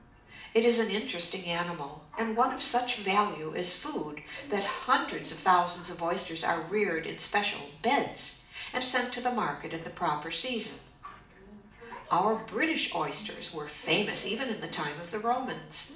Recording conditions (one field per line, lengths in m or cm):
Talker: one person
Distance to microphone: 2.0 m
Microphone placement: close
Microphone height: 99 cm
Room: medium-sized (5.7 m by 4.0 m)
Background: television